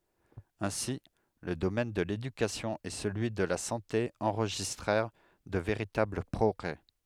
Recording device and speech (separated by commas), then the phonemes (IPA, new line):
headset microphone, read sentence
ɛ̃si lə domɛn də ledykasjɔ̃ e səlyi də la sɑ̃te ɑ̃ʁʒistʁɛʁ də veʁitabl pʁɔɡʁɛ